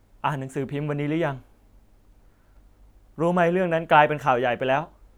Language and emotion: Thai, frustrated